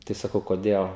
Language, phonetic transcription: Lithuanian, ˈtai saˈkau koˈdėl

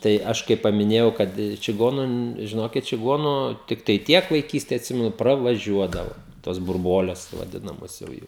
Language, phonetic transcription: Lithuanian, tai ˈaš kai pamiˈnėjau ˈkad čiˈgonu n žiˈnokit čiˈgonu ˈtiktai ˈtiek vaiˈkystė atˈsimenu pravaˈžiuodavo tos burˈbuoles vaˈdinamos jau ˈjų

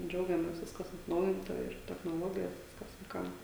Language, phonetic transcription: Lithuanian, ˈdžiaugiamės ˈviskas atˈnaujinta ir technoˈlogijos ˈviskas vaiˈkam

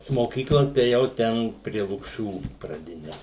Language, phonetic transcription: Lithuanian, moˈkykla tai ėˈjau ˈten prie lukˈšių praˈdine

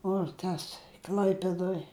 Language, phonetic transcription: Lithuanian, o ˈtas ˈkl'aipėdoj

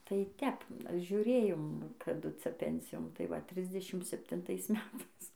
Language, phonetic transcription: Lithuanian, tai ˈtep žiuˈrėjom kaˈdu ˈcia ˈpensijon tai ˈva ˈtrisdešim septinˈtais ˈmetais

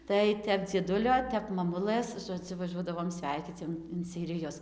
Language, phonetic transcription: Lithuanian, tai ˈtep dzieˈdulio ˈtep maˈmulɘs žoˈdziu vaˈžuodavom ˈsveikyc jo in seiriˈjus

